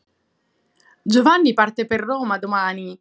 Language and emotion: Italian, happy